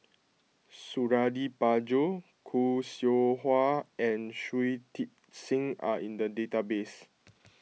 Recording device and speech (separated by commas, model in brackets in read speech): mobile phone (iPhone 6), read sentence